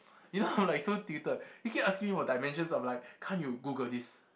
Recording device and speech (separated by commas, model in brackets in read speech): boundary microphone, conversation in the same room